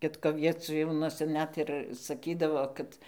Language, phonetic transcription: Lithuanian, ˈkitko vieˈciūnuose ˈnet ir saˈkydavo ˈkad

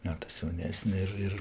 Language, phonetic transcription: Lithuanian, ˈmetɜs jauˈnesne ir ˈir

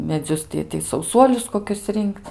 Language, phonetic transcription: Lithuanian, meˈdzius ti tai sauˈsuolius koˈkius ˈrinkc

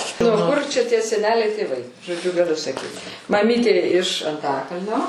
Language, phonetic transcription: Lithuanian, nuo ˈkur čia ˈtie seˈneliai tėˈvai žoˈdžiu gaˈliu saˈkyt maˈmytė iš anˈtakalnio

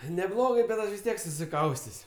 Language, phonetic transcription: Lithuanian, neˈblogɜ bet ˈaš vis ˈtiek susiˈkaustės'

